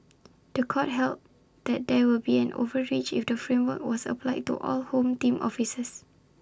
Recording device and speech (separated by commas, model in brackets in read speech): standing microphone (AKG C214), read sentence